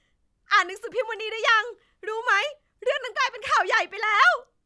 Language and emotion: Thai, happy